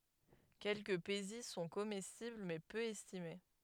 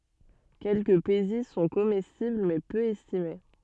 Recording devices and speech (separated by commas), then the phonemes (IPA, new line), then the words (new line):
headset microphone, soft in-ear microphone, read sentence
kɛlkəə peziz sɔ̃ komɛstibl mɛ pø ɛstime
Quelques pézizes sont comestibles mais peu estimées.